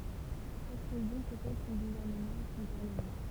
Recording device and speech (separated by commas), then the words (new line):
temple vibration pickup, read sentence
Chaque région possède son gouvernement et son parlement.